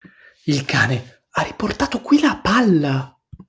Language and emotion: Italian, surprised